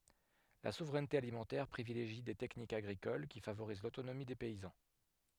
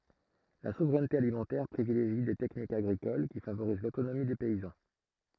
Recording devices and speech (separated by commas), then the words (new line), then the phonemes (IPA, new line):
headset microphone, throat microphone, read sentence
La souveraineté alimentaire privilégie des techniques agricoles qui favorisent l'autonomie des paysans.
la suvʁɛnte alimɑ̃tɛʁ pʁivileʒi de tɛknikz aɡʁikol ki favoʁiz lotonomi de pɛizɑ̃